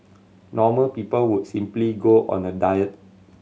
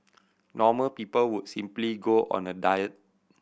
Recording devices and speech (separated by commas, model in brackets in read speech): mobile phone (Samsung C7100), boundary microphone (BM630), read sentence